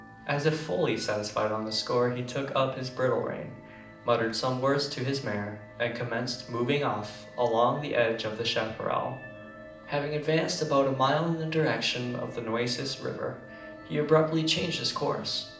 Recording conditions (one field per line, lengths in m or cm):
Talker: one person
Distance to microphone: 2.0 m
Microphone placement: close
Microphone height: 99 cm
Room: medium-sized (5.7 m by 4.0 m)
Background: music